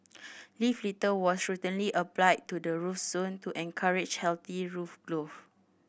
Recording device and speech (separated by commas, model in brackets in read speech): boundary microphone (BM630), read sentence